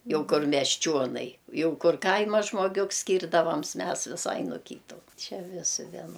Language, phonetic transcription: Lithuanian, ˈjau ˈkur mesˈčionai ˈjau ˈkur ˈkaima žmoˈgiuks skyrdaˈvams ˈmes viˈsai no ˈkytu ˈčia ˈvisi vieˈno

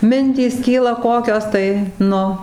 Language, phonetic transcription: Lithuanian, ˈmintys ˈkyla ˈkokios tai ˈnu

